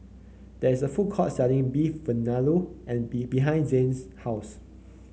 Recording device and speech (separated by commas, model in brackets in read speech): mobile phone (Samsung C9), read sentence